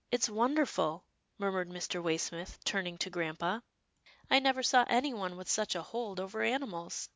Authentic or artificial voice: authentic